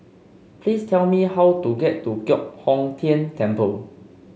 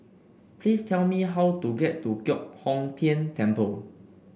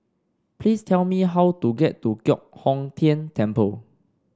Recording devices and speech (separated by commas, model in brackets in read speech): mobile phone (Samsung C5), boundary microphone (BM630), standing microphone (AKG C214), read sentence